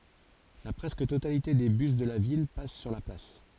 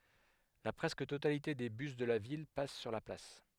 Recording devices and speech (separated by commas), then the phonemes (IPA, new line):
forehead accelerometer, headset microphone, read sentence
la pʁɛskə totalite de bys də la vil pas syʁ la plas